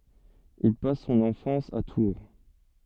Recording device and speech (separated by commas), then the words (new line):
soft in-ear microphone, read sentence
Il passe son enfance à Tours.